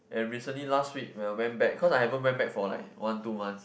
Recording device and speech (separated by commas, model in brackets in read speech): boundary microphone, conversation in the same room